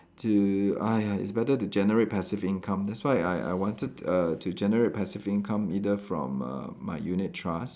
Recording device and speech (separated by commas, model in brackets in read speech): standing microphone, conversation in separate rooms